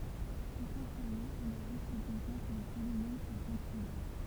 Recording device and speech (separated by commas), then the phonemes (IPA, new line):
temple vibration pickup, read sentence
esɑ̃sjɛlmɑ̃ ɔ̃n a ʒyst bəzwɛ̃ kə le polinom swa kɔ̃tinys